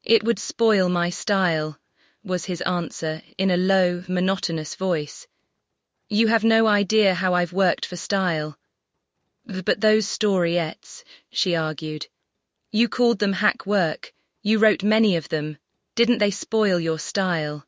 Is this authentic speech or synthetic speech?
synthetic